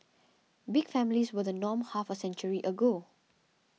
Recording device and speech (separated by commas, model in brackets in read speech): mobile phone (iPhone 6), read sentence